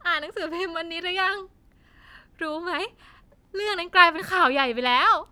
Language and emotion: Thai, happy